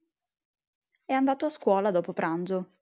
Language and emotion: Italian, neutral